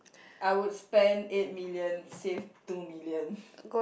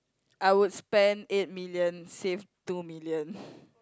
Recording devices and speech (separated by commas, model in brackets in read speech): boundary microphone, close-talking microphone, conversation in the same room